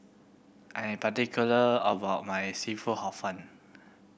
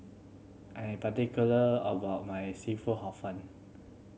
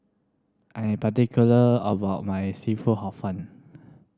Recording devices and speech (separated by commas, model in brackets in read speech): boundary microphone (BM630), mobile phone (Samsung C7100), standing microphone (AKG C214), read sentence